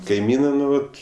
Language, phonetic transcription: Lithuanian, kaiˈmynɜ ˈnu ˈvat

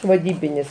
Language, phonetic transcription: Lithuanian, vaˈdybinis

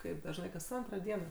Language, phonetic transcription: Lithuanian, ˈkaip dažˈnai kas ˈantro ˈdieno

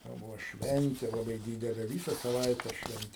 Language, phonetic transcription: Lithuanian, jau ˈbuvo ˈšventė laˈbai ˈdydelė ˈvysa saˈvaitę ˈšventė

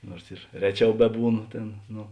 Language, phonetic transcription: Lithuanian, ˈnuors ir ˈreˌčiau ˈbeˌbūˌno ˈtėn ˈno

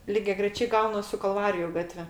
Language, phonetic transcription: Lithuanian, ligiagreˈčiai ˈgaunas su kalˈvariju ˈgatve

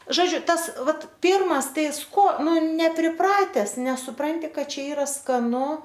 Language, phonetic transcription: Lithuanian, ˈžodžiu ˈtas ˈvat ˈpyrmas ˈtai ˈko ˈnu nepriˈprates nesuˈpranti ˈkad ˈčia ˈyra skaˈnu

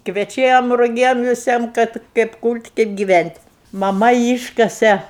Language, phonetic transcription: Lithuanian, kveˈčiam ruˈgiam viˈsiem kad kaip kūl't' kaip giˈvænt' maˈma ˈyškase

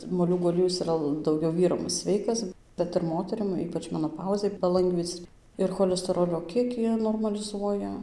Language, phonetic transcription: Lithuanian, moˈliūgų aˈliejus iˈra dauˈgiau ˈvyram ˈsveikas ˈbet ir ˈmoterim ˈypač menoˈpauzei paˈlangvyc ir cholesteˈrolio ˈkiekį normaliˈzuoja

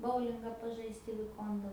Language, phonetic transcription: Lithuanian, ˈboulingą paˈžaist i viˈkonda

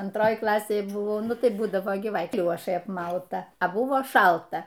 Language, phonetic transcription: Lithuanian, anˈtroj ˈklasėj ˈbuvo ˈnu tai ˈbūdavo gi ˈva ˈkliošai apˈmauta a ˈbuvo ˈšalta

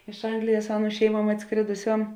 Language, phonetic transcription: Lithuanian, iš ˈanglijas ˈaˌnų ˈšeiˌmuom atˈskrėduˌsiom

